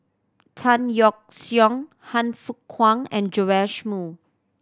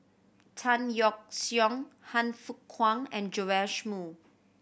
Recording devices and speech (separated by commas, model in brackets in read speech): standing microphone (AKG C214), boundary microphone (BM630), read sentence